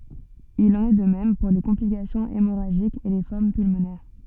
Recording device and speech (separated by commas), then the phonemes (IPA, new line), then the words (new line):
soft in-ear microphone, read sentence
il ɑ̃n ɛ də mɛm puʁ le kɔ̃plikasjɔ̃z emoʁaʒikz e le fɔʁm pylmonɛʁ
Il en est de même pour les complications hémorragiques et les formes pulmonaires.